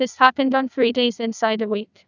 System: TTS, neural waveform model